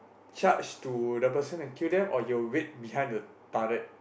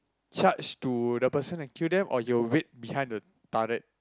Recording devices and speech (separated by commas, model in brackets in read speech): boundary microphone, close-talking microphone, conversation in the same room